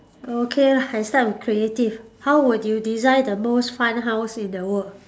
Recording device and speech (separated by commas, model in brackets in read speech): standing microphone, conversation in separate rooms